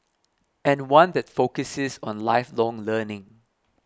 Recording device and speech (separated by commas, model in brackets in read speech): close-talking microphone (WH20), read sentence